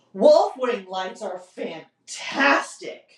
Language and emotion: English, disgusted